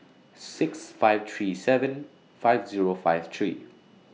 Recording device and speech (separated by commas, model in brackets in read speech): mobile phone (iPhone 6), read sentence